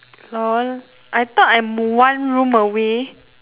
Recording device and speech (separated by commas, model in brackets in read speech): telephone, conversation in separate rooms